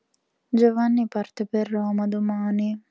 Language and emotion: Italian, sad